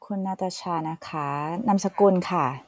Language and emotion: Thai, neutral